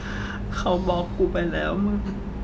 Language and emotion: Thai, sad